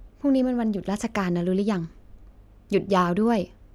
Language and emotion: Thai, neutral